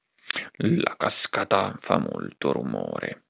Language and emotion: Italian, angry